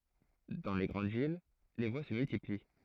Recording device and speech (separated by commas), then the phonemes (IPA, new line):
throat microphone, read sentence
dɑ̃ le ɡʁɑ̃d vil le vwa sə myltipli